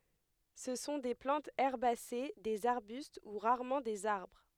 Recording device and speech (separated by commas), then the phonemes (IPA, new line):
headset microphone, read sentence
sə sɔ̃ de plɑ̃tz ɛʁbase dez aʁbyst u ʁaʁmɑ̃ dez aʁbʁ